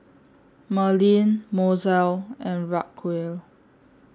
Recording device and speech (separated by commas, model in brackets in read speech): standing microphone (AKG C214), read sentence